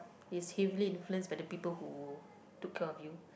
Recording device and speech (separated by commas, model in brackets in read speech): boundary microphone, conversation in the same room